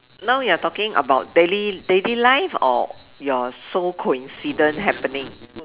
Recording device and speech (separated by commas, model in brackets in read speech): telephone, conversation in separate rooms